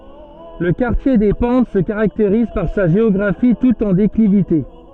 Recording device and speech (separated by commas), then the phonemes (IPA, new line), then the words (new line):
soft in-ear microphone, read sentence
lə kaʁtje de pɑ̃t sə kaʁakteʁiz paʁ sa ʒeɔɡʁafi tut ɑ̃ deklivite
Le quartier des Pentes se caractérise par sa géographie toute en déclivité.